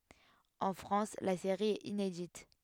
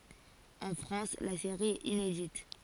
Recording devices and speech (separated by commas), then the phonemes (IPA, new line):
headset microphone, forehead accelerometer, read sentence
ɑ̃ fʁɑ̃s la seʁi ɛt inedit